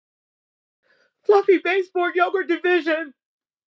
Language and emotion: English, happy